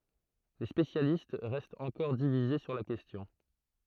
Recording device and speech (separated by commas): throat microphone, read sentence